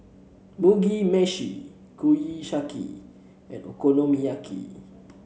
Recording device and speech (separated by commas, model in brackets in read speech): mobile phone (Samsung C7), read sentence